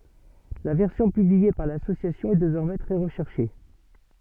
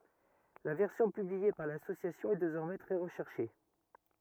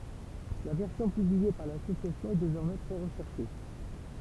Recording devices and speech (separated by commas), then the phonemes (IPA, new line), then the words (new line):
soft in-ear microphone, rigid in-ear microphone, temple vibration pickup, read sentence
la vɛʁsjɔ̃ pyblie paʁ lasosjasjɔ̃ ɛ dezɔʁmɛ tʁɛ ʁəʃɛʁʃe
La version publiée par L'Association est désormais très recherchée.